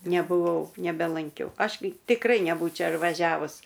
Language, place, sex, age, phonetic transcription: Lithuanian, Aukštaitija, female, 60+, nebuˈvau nebelanˈkiau ˈaš gi tikˈrai neˈbūčia ir vaˈžiavus

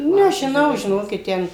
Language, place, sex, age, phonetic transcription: Lithuanian, Suvalkija, female, 60+, nežiˈnau žiˈnokit ˈten

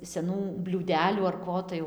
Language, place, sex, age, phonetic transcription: Lithuanian, Dzūkija, female, 18-60, seˈnų bliūˈdelių ar ˈko tai ˈjau

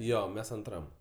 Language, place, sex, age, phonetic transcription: Lithuanian, Aukštaitija, male, 18-60, ˈjo ˈmes anˈtram

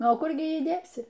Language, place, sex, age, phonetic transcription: Lithuanian, Aukštaitija, female, 60+, ˈnu o ˈkur gi ˈjį ˈdėsi

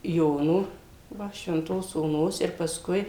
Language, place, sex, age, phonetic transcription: Lithuanian, Suvalkija, female, 60+, ˈjono ˈva švenˈtos oˈnos ir paˈskui

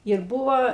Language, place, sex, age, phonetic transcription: Lithuanian, Aukštaitija, female, 60+, ir ˈbuvo

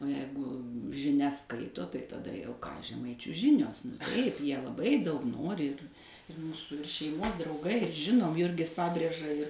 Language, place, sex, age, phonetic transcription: Lithuanian, Suvalkija, female, 60+, o ˈjeigu žiˈnias ˈskaito tai taˈda jau žeˈmaičių ˈžinios taip ˈjie laˈbai ˈdaug ˈnori ir ir ˈmūsu ir šeiˈmos drauˈgai ir ˈžinom ˈjurgis ˈpabrėža ir

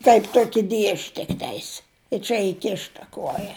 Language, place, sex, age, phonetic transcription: Lithuanian, Žemaitija, female, 60+, taip ˈtuoki ˈdiež' tikˈteis i ˈčia iˈkišta ˈkuoja

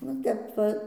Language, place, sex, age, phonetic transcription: Lithuanian, Dzūkija, female, 60+, va ˈtep va

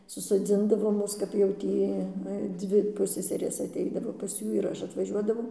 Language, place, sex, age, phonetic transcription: Lithuanian, Dzūkija, female, 60+, susoˈdzindavo ˈmus kap jau ˈtį ˈnu i ˈdvi ˈpusseserės atˈeidavo pas ˈjų ir ˈaš atvaˈžiuodavau

